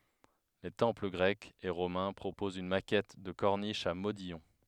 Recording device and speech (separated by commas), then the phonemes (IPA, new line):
headset microphone, read sentence
le tɑ̃pl ɡʁɛkz e ʁomɛ̃ pʁopozt yn makɛt də kɔʁniʃ a modijɔ̃